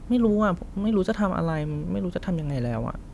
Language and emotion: Thai, frustrated